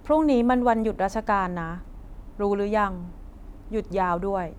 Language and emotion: Thai, frustrated